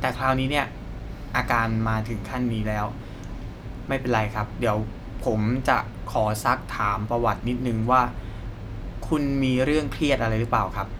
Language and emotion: Thai, neutral